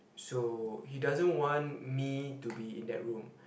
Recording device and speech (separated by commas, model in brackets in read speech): boundary microphone, conversation in the same room